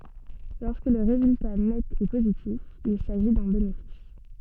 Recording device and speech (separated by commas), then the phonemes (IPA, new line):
soft in-ear microphone, read sentence
lɔʁskə lə ʁezylta nɛt ɛ pozitif il saʒi dœ̃ benefis